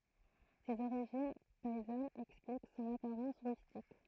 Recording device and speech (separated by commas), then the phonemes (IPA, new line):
throat microphone, read sentence
sez oʁiʒin pɛizanz ɛksplik sɔ̃n apaʁɑ̃s ʁystik